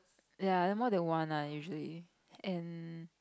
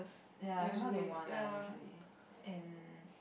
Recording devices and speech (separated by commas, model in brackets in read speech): close-talking microphone, boundary microphone, conversation in the same room